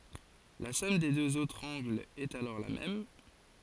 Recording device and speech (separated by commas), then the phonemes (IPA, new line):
forehead accelerometer, read sentence
la sɔm de døz otʁz ɑ̃ɡlz ɛt alɔʁ la mɛm